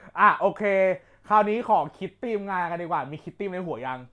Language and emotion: Thai, neutral